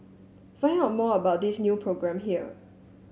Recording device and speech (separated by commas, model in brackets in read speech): mobile phone (Samsung S8), read sentence